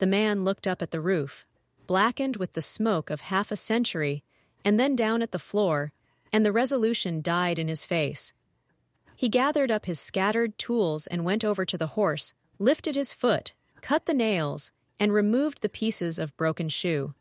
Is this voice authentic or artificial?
artificial